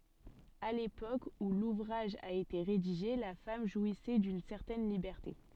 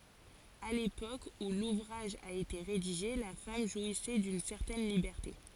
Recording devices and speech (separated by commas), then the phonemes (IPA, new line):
soft in-ear microphone, forehead accelerometer, read sentence
a lepok u luvʁaʒ a ete ʁediʒe la fam ʒwisɛ dyn sɛʁtɛn libɛʁte